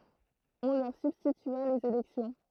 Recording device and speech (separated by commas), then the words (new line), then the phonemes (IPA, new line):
throat microphone, read sentence
On leur substitua les élections.
ɔ̃ lœʁ sybstitya lez elɛksjɔ̃